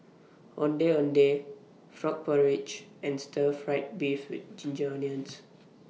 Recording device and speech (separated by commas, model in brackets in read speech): mobile phone (iPhone 6), read sentence